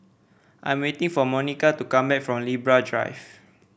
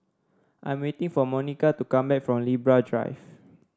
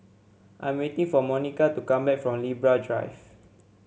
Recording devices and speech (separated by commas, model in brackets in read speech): boundary microphone (BM630), standing microphone (AKG C214), mobile phone (Samsung C7), read sentence